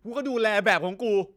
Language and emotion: Thai, angry